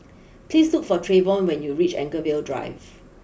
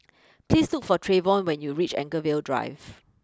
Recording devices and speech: boundary microphone (BM630), close-talking microphone (WH20), read sentence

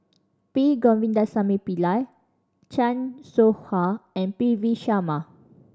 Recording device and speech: standing microphone (AKG C214), read sentence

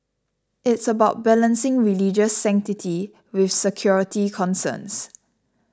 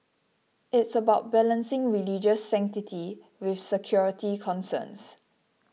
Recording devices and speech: standing microphone (AKG C214), mobile phone (iPhone 6), read sentence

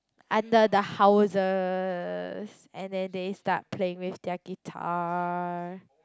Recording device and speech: close-talking microphone, conversation in the same room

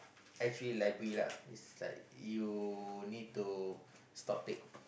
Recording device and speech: boundary microphone, conversation in the same room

